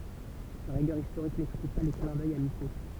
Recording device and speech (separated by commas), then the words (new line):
temple vibration pickup, read sentence
Sa rigueur historique n'exclut pas les clins d’œil amicaux.